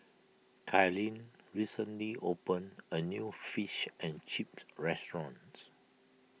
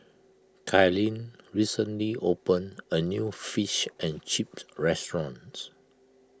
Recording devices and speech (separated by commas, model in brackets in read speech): mobile phone (iPhone 6), close-talking microphone (WH20), read sentence